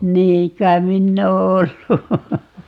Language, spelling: Finnish, niin kai minä olen ollut
- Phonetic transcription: 'niiŋ kaim 'minn ‿oo "ollu .

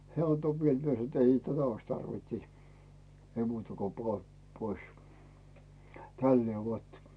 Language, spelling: Finnish, hän antoi vielä minä sanoin että ei tätä olisi tarvinnut sitten ei muuta kun pane pois tällä lailla vot
- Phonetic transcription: 'heä̀ anto 'viel 'mie sano ‿t » 'ei tätä ois "tarvint siᵗ , 'ei muuta ko "poa , 'pois « , 'tällee 'vot .

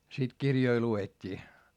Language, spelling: Finnish, sitten kirjoja luettiin
- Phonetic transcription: sit kirjoi lu₍et́t́ii .

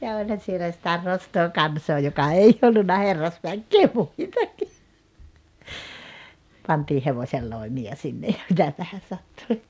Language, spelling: Finnish, ja olihan siellä sitä nostoa kansaa joka ei ollut herrasväkeä muitakin pantiin hevosenloimia sinne ja mitäpähän sattui
- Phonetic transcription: ja 'oĺhan̬ sielä sⁱtä 'nostoo 'kansoo joka 'ei ollunna 'herrasväkkee 'muitaki , pantii 'hevośelloimi₍a sinne ja 'mitäpähä sattui .

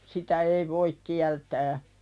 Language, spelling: Finnish, sitä ei voi kieltää
- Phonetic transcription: 'sitä "ei voik 'kiältää .

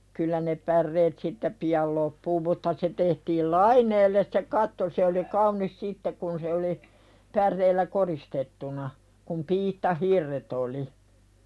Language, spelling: Finnish, kyllä ne päreet siitä pian loppuu mutta se tehtiin laineelle se katto se oli kaunis sitten kun se oli päreillä koristettuna kun piittahirret oli
- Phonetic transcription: kyllä ne 'pärreet siittä "pi₍al loppuu mutta se tehtiil "laiǹeelles se 'katto se oli "kaun̆nis sittek kun se oli , "pär̆reillä 'koristettuna , kum 'piitta"hirret ‿oli .

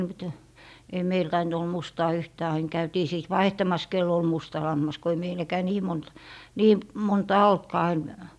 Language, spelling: Finnish, mutta ei meillä tainnut olla mustaa yhtään aina käytiin sitten vaihtamassa kenellä oli musta lammas kun ei meilläkään niin monta niin montaa ollutkaan enää
- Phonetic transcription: mᵘt , ei "meil 'taint ol 'mustaa 'yhtää ain 'käytii 'sìt "vaihtamas kell ‿ol 'musta 'lammas ko ei 'meiläkää "nii 'mont , "nii , 'montaa "oltkaa (ennää) .

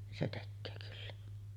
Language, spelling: Finnish, niin se tekee kyllä
- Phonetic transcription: nin 'se 'tekköö kyllä .

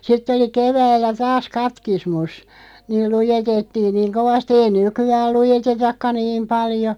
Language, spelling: Finnish, sitten oli keväällä taas katekismus niin luetettiin niin kovasti ei nykyään luetetakaan niin paljon
- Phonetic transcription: 'sitt ‿oli "keväällä 'taas "katkismus , 'niil 'lujetettiiŋ "niiŋ 'kovasti ei "nyky₍ääl 'lujetetakka "niim 'paljo .

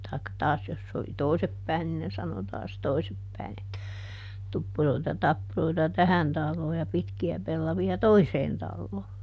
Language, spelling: Finnish, tai taas jos se oli toisin päin niin ne sanoi taas toisin päin että tuppuroita tappuroita tähän taloon ja pitkiä pellavia toiseen taloon
- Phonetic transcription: taikka ˈtaas jos se oli "toi̮sep päin nin ne ˈsano taas ˈtoisep päi̮n että , » ˈtuppuroita ˈtappuroita "tähän ˈtalloo ja ˈpitki₍ä pellavi₍a "toiseen ˈtalloo » .

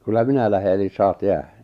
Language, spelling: Finnish, kyllä minä lähden eli saat jäädä
- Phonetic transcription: kyllä 'minä lähe elis 'saat 'jäähä « .

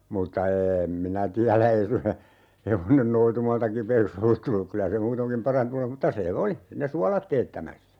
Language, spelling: Finnish, mutta en minä tiedä ei suinkaan se hevonen noitumalta kipeäksi ollut tullut kyllä se muutenkin parantunut olisi mutta se oli ne suolat teettämässä
- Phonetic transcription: 'mutta "eem minä 'tiälä "ei (suŋka se) , 'hevonen "noitumalta 'kipeek's ‿ollut 'tulluk 'kylä se 'muutoŋkim "parantunu (olis) muta 'se "oli , ne "sualat 'teettämässä .

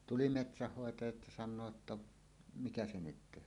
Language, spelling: Finnish, tuli metsänhoitaja ja sanoo jotta mikä se nyt tehdään
- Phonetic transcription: 'tuli "metsähhoetajat ja san̆noo ‿tta , » "mikä 'se 'nyt teh̆hään « .

